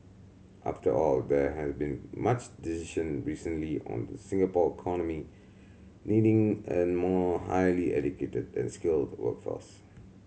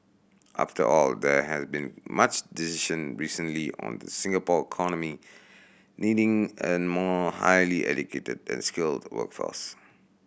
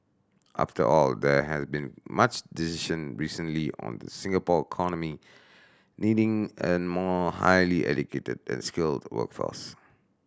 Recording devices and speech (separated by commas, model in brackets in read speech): mobile phone (Samsung C7100), boundary microphone (BM630), standing microphone (AKG C214), read sentence